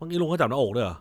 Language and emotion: Thai, angry